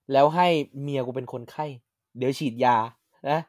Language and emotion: Thai, neutral